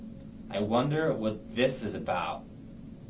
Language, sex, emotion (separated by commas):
English, male, disgusted